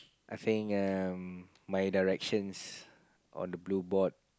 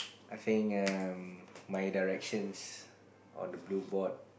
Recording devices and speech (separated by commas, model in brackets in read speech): close-talking microphone, boundary microphone, conversation in the same room